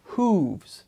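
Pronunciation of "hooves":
In 'hooves', the vowel is an ooh sound.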